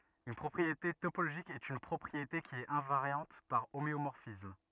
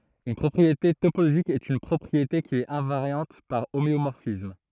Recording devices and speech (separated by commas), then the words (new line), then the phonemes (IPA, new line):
rigid in-ear microphone, throat microphone, read sentence
Une propriété topologique est une propriété qui est invariante par homéomorphismes.
yn pʁɔpʁiete topoloʒik ɛt yn pʁɔpʁiete ki ɛt ɛ̃vaʁjɑ̃t paʁ omeomɔʁfism